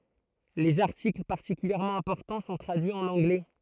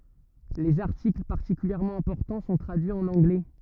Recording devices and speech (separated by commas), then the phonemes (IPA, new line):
throat microphone, rigid in-ear microphone, read sentence
lez aʁtikl paʁtikyljɛʁmɑ̃ ɛ̃pɔʁtɑ̃ sɔ̃ tʁadyiz ɑ̃n ɑ̃ɡlɛ